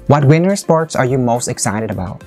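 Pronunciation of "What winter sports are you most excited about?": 'What winter sports' is stressed, and the voice falls over the rest of the sentence. The d sound at the end of 'excited' links into 'about'.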